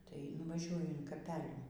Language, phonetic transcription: Lithuanian, tai nuvaˈžiuoju in kaˈpelių

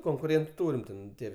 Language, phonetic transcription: Lithuanian, konkuˈrėntu ˈtūrim ˈten ˈtie

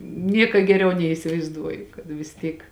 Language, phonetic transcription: Lithuanian, ˈnieka geˈriau neisivaizˈduoju kad vis ˈtyk

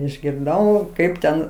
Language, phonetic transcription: Lithuanian, išgirˈdau ˈkaip ten

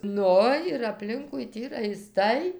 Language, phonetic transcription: Lithuanian, ˈnu ir apˈlinkui ˈtį raiˈstai

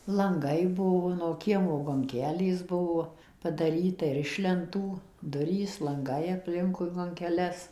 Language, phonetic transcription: Lithuanian, lanˈgai ˈbuo nuo ˈkiemo gonˈkelės ˈbuvo padaˈryta ir ˌiš lenˈtų ˈdurys lanˈgai apˈlinkui gonkeˈles

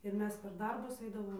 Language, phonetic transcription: Lithuanian, ir ˈmes per ˈdarbus ˈaidavom

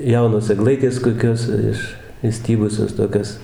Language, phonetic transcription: Lithuanian, ˈjaunos egˈlaitės koˈkios ˈiš išˈstybusios toˈkios

